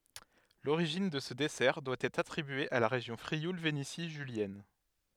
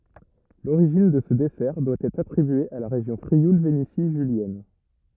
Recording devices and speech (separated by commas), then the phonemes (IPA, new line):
headset microphone, rigid in-ear microphone, read sentence
loʁiʒin də sə dɛsɛʁ dwa ɛtʁ atʁibye a la ʁeʒjɔ̃ fʁiul veneti ʒyljɛn